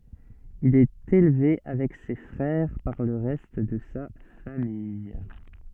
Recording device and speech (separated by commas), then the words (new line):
soft in-ear microphone, read sentence
Il est élevé avec ses frères par le reste de sa famille.